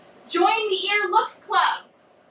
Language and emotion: English, surprised